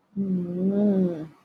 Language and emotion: Thai, frustrated